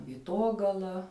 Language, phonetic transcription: Lithuanian, vyˈtogala

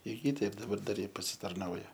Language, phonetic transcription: Lithuanian, ir ˈji ˈteip daˈbar ˈdar ˈji pasitarˈnauja

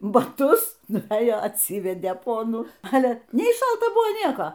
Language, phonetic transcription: Lithuanian, baˈtus nuvˈėjo atˈsyvedė ˈponų ˈale ˈnei ˈšalta ˈbuvo ˈnieko

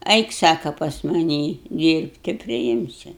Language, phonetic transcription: Lithuanian, ˈeik ˈsaka pas maˈnį ˈdyrbt tai priˈimsiu

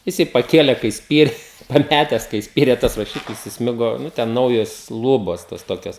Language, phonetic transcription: Lithuanian, jiˈsai paˈkėle kai ˈspyre an ˈpætes kai ˈspyrė tas raˈšiklis isˈmigo ˈnu ten ˈnaujos ˈlūbos tos ˈtokios

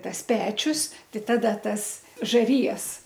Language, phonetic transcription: Lithuanian, ˈtas ˈpečius ˈtai ˈtada ˈtas žaˈrijas

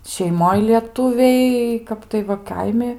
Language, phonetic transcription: Lithuanian, šeiˈmoj lieˈtuviai ˈkap tai va ˈkaimi

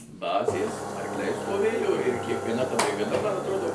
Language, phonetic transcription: Lithuanian, ˈbazės arkˈliai stoˈvėjo ir kiekvieˈna ta brigaˈda ˈman atˈrodo

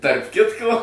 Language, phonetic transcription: Lithuanian, tarp ˈkitko

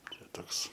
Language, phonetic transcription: Lithuanian, ˈčia ˈtoks

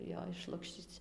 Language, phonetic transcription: Lithuanian, jo išˈlukščyc

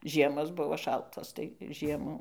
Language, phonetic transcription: Lithuanian, ˈžiemos ˈbuvo ˈšaltos tai ˈžiemų

